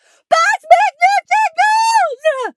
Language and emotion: English, neutral